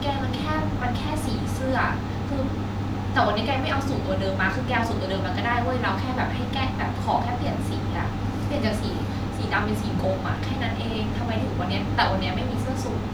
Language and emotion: Thai, frustrated